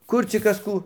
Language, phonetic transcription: Lithuanian, ˈkur cik ˈkas ˈkų

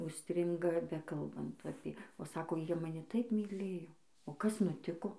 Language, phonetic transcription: Lithuanian, užˈstringa ˈbekalbant ˈapė o ˈsako ˈjie maˈni ˈtaip myˈlėjo o ˈkas nuˈtiko

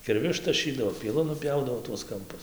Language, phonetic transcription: Lithuanian, kirˈviu ištaˈšydavo pieˈlu nuˈpjaudavo tuos kamˈpus

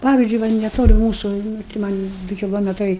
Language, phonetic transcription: Lithuanian, ˈpavizdžui ˈva neˈtoli ˈmūsu ˈnu ti ˈman' ˈdu kiˈlometrai

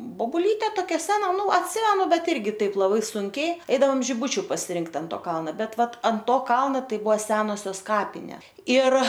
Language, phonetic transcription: Lithuanian, bobuˈlyte toˈkia ˈsena ˈnu atˈsimenu ˈbet ˈirgi ˈtaip laˈbai ˈsunkiai ˈeidaom žiˈbučiu pasiˈrinkt an ˈto ˈkalna ˈbet ˈvat ant ˈto ˈkalna ˈtai ˈbua ˈsenosios ˈkapinė ir

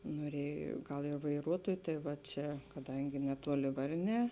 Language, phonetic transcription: Lithuanian, noˈriej ˈgal ir vaiˈruotuoj tai va ˈčia kaˈdangi neˈtuoli ˈvarˌnē

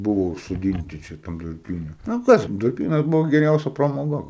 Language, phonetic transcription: Lithuanian, ˈbuvo užsoˈdynti čia ˈtam durˈpyne nu ˈkas durˈpynas ˈbuvo geˈriausia pramoˈga

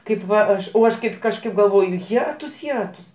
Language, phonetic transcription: Lithuanian, ˈkaip ˈva ˈaš o ˈaš ˈkaip kažˈkaip galˈvoju ˈjetus ˈjetus

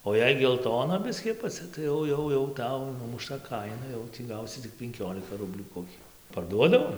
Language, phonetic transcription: Lithuanian, o ˈjei gelˈtona ˈbiskį apaˈcia tai ˈjau ˈjau jau ˈtau numuˈšta ˈkaina ˈjau tį ˈgausi tik penˈkiolika ˈrublių koˈkiu parˈduodavo

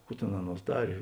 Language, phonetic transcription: Lithuanian, ˈkų tėn ˈaˌnuos ˈdarė

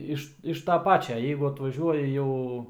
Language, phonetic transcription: Lithuanian, ˈiš iš ta ˈpačia ˈjeigu atvaˈžiuoji ˈjau

